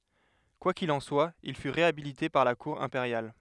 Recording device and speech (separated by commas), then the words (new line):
headset microphone, read sentence
Quoi qu’il en soit, il fut réhabilité par la cour impériale.